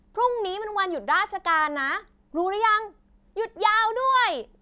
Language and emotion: Thai, happy